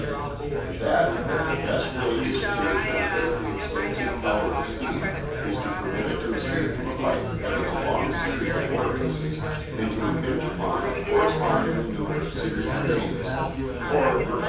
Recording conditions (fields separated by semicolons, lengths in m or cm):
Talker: one person; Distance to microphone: 9.8 m; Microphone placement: far; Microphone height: 1.8 m; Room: large; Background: babble